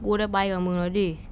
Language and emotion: Thai, neutral